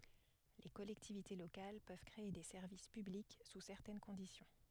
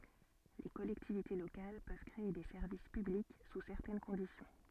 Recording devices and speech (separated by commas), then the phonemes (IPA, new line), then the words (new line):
headset microphone, soft in-ear microphone, read sentence
le kɔlɛktivite lokal pøv kʁee de sɛʁvis pyblik su sɛʁtɛn kɔ̃disjɔ̃
Les collectivités locales peuvent créer des services publics sous certaines conditions.